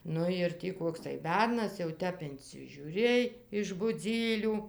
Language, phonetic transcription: Lithuanian, ˈnu ir ˈtį ˈkoks tai ˈbernas jau ˈtep incižiūˈrėj iš buˈdzylių

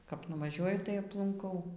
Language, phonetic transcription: Lithuanian, kap nuvaˈžiuoju tai aplunˈkau

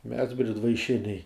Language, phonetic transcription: Lithuanian, mes bridvaiˈšiniai

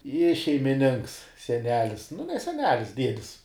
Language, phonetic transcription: Lithuanian, i šeimiˈninks seˈnelis nu ne seˈnelis ˈdiedis

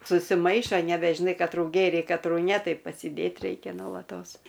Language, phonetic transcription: Lithuanian, susiˈmaišo nebežiˈnai katˈrų ˈgėrei katˈrų ne ˈtai pasiˈdėt ˈreikia nolaˈtos

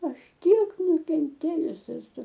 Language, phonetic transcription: Lithuanian, ˈaš ˈtiek nukenˈtėjus eˈsu

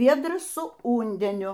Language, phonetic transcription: Lithuanian, ˈviedras su ˈundeniu

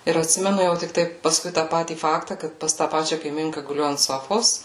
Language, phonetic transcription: Lithuanian, ir atˈsimenu jau tikˈtai paˈskui tą ˈpatį ˈfakta ˈkad pas tą ˈpačia kaiˈminka guˈliu ant ˈsofos

